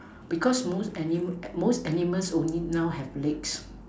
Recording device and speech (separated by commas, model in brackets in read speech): standing microphone, conversation in separate rooms